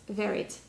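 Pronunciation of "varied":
'Varied' is said with the American pronunciation.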